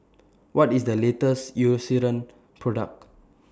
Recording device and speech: standing microphone (AKG C214), read sentence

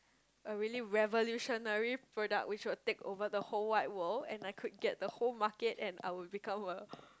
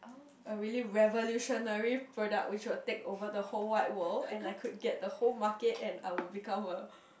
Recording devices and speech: close-talking microphone, boundary microphone, conversation in the same room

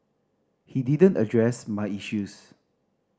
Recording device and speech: standing microphone (AKG C214), read sentence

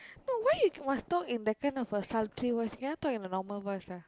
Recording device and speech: close-talking microphone, conversation in the same room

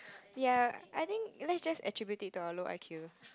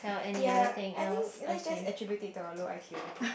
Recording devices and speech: close-talking microphone, boundary microphone, conversation in the same room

